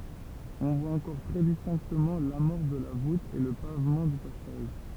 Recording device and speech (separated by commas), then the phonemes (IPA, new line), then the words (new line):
temple vibration pickup, read sentence
ɔ̃ vwa ɑ̃kɔʁ tʁɛ distɛ̃ktəmɑ̃ lamɔʁs də la vut e lə pavmɑ̃ dy pasaʒ
On voit encore très distinctement l’amorce de la voûte et le pavement du passage.